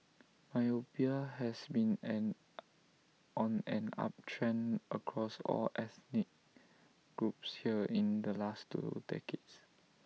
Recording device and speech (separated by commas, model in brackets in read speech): mobile phone (iPhone 6), read sentence